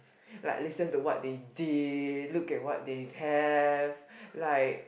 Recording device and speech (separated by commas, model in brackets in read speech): boundary microphone, conversation in the same room